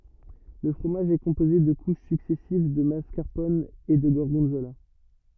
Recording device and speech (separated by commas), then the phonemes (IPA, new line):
rigid in-ear microphone, read sentence
lə fʁomaʒ ɛ kɔ̃poze də kuʃ syksɛsiv də maskaʁpɔn e də ɡɔʁɡɔ̃zola